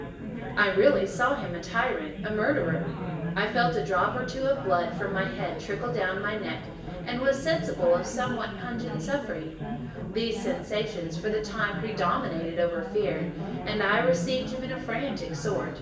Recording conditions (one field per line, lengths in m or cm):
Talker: one person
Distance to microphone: 1.8 m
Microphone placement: close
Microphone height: 1.0 m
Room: large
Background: babble